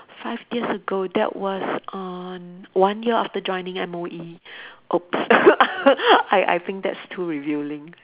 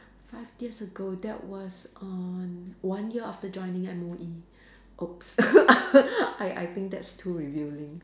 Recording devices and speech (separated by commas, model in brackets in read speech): telephone, standing microphone, conversation in separate rooms